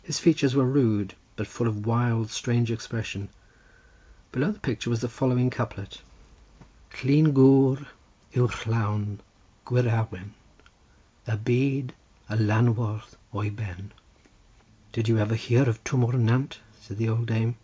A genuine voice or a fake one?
genuine